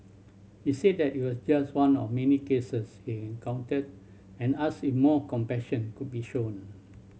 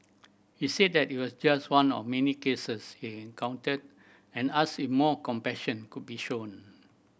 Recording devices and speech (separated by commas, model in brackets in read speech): mobile phone (Samsung C7100), boundary microphone (BM630), read sentence